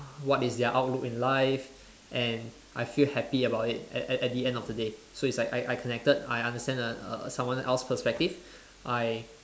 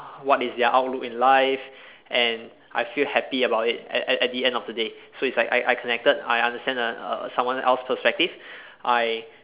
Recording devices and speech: standing microphone, telephone, conversation in separate rooms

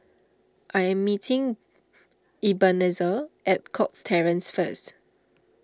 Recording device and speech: standing microphone (AKG C214), read sentence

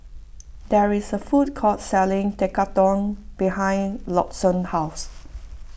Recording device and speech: boundary microphone (BM630), read sentence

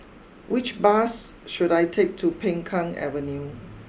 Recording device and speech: boundary microphone (BM630), read sentence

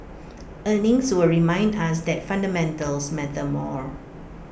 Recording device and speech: boundary microphone (BM630), read sentence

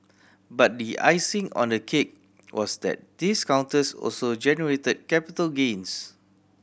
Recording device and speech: boundary microphone (BM630), read sentence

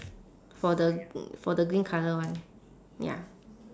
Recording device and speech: standing microphone, conversation in separate rooms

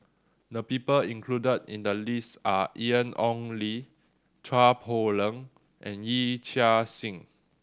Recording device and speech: standing microphone (AKG C214), read sentence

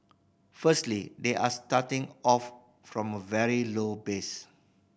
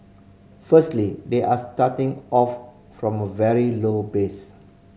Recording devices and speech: boundary microphone (BM630), mobile phone (Samsung C5010), read sentence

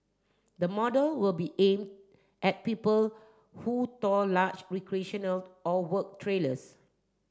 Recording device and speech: standing microphone (AKG C214), read sentence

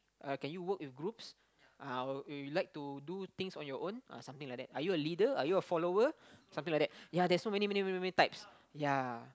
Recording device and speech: close-talking microphone, conversation in the same room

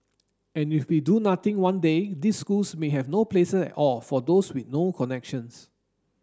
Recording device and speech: standing microphone (AKG C214), read sentence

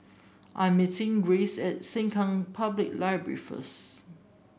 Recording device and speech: boundary microphone (BM630), read sentence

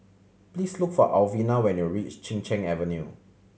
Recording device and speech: mobile phone (Samsung C7100), read sentence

